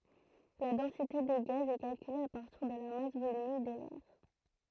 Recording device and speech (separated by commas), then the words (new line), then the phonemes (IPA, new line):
throat microphone, read sentence
La densité des gaz est calculée à partir de la masse volumique de l'air.
la dɑ̃site de ɡaz ɛ kalkyle a paʁtiʁ də la mas volymik də lɛʁ